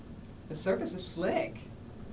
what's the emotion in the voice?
happy